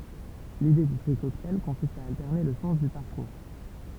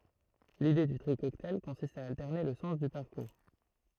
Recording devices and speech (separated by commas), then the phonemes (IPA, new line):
temple vibration pickup, throat microphone, read sentence
lide dy tʁi kɔktaj kɔ̃sist a altɛʁne lə sɑ̃s dy paʁkuʁ